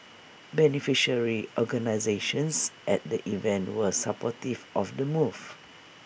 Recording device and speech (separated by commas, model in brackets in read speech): boundary microphone (BM630), read sentence